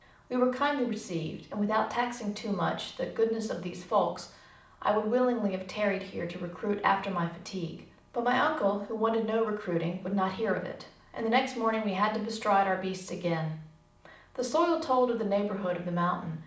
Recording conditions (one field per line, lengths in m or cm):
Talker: one person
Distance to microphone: 2.0 m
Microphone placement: close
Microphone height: 99 cm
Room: medium-sized (5.7 m by 4.0 m)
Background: none